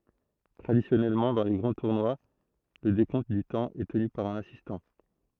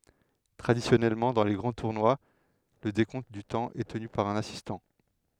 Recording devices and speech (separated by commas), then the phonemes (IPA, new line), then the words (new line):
throat microphone, headset microphone, read sentence
tʁadisjɔnɛlmɑ̃ dɑ̃ le ɡʁɑ̃ tuʁnwa lə dekɔ̃t dy tɑ̃ ɛ təny paʁ œ̃n asistɑ̃
Traditionnellement, dans les grands tournois, le décompte du temps est tenu par un assistant.